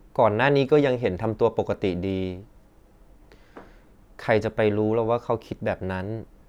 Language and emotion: Thai, neutral